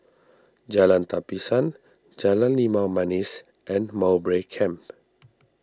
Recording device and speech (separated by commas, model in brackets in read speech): standing microphone (AKG C214), read sentence